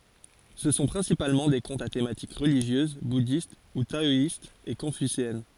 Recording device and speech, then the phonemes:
forehead accelerometer, read sentence
sə sɔ̃ pʁɛ̃sipalmɑ̃ de kɔ̃tz a tematik ʁəliʒjøz budist u taɔist e kɔ̃fyseɛn

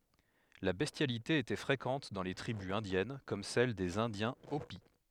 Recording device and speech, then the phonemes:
headset microphone, read sentence
la bɛstjalite etɛ fʁekɑ̃t dɑ̃ le tʁibys ɛ̃djɛn kɔm sɛl dez ɛ̃djɛ̃ opi

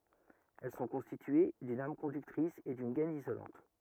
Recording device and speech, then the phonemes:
rigid in-ear microphone, read sentence
ɛl sɔ̃ kɔ̃stitye dyn am kɔ̃dyktʁis e dyn ɡɛn izolɑ̃t

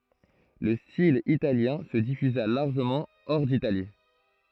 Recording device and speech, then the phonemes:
throat microphone, read sentence
lə stil italjɛ̃ sə difyza laʁʒəmɑ̃ ɔʁ ditali

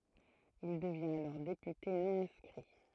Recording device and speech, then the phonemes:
throat microphone, read sentence
il dəvjɛ̃t alɔʁ depyte nɔ̃ ɛ̃skʁi

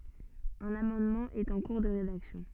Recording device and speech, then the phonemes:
soft in-ear microphone, read sentence
œ̃n amɑ̃dmɑ̃ ɛt ɑ̃ kuʁ də ʁedaksjɔ̃

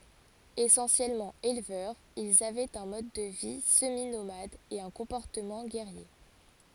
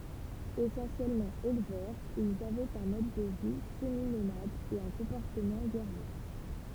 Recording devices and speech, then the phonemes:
forehead accelerometer, temple vibration pickup, read sentence
esɑ̃sjɛlmɑ̃ elvœʁz ilz avɛt œ̃ mɔd də vi səminomad e œ̃ kɔ̃pɔʁtəmɑ̃ ɡɛʁje

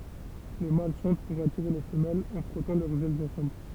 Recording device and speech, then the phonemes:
temple vibration pickup, read sentence
le mal ʃɑ̃t puʁ atiʁe le fəmɛlz ɑ̃ fʁɔtɑ̃ lœʁz ɛlz ɑ̃sɑ̃bl

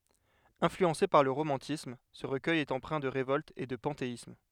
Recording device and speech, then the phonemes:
headset microphone, read sentence
ɛ̃flyɑ̃se paʁ lə ʁomɑ̃tism sə ʁəkœj ɛt ɑ̃pʁɛ̃ də ʁevɔlt e də pɑ̃teism

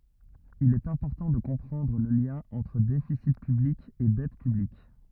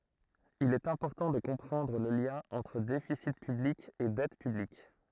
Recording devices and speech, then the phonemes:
rigid in-ear microphone, throat microphone, read sentence
il ɛt ɛ̃pɔʁtɑ̃ də kɔ̃pʁɑ̃dʁ lə ljɛ̃ ɑ̃tʁ defisi pyblik e dɛt pyblik

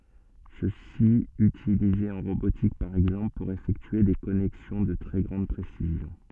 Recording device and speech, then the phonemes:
soft in-ear microphone, read sentence
səsi ytilize ɑ̃ ʁobotik paʁ ɛɡzɑ̃pl puʁ efɛktye de kɔnɛksjɔ̃ də tʁɛ ɡʁɑ̃d pʁesizjɔ̃

